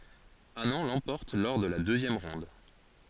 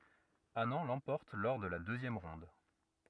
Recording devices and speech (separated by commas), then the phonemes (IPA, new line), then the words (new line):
forehead accelerometer, rigid in-ear microphone, read sentence
anɑ̃ lɑ̃pɔʁt lɔʁ də la døzjɛm ʁɔ̃d
Anand l'emporte lors de la deuxième ronde.